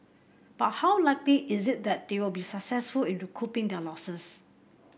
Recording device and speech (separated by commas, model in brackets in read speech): boundary microphone (BM630), read sentence